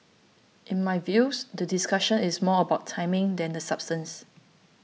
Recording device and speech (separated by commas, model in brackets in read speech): mobile phone (iPhone 6), read sentence